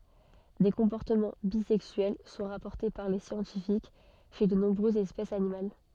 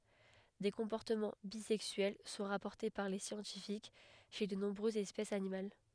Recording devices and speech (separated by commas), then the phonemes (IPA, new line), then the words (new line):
soft in-ear microphone, headset microphone, read sentence
de kɔ̃pɔʁtəmɑ̃ bizɛksyɛl sɔ̃ ʁapɔʁte paʁ le sjɑ̃tifik ʃe də nɔ̃bʁøzz ɛspɛsz animal
Des comportements bisexuels sont rapportés par les scientifiques chez de nombreuses espèces animales.